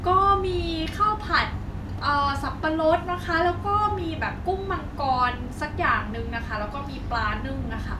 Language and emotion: Thai, neutral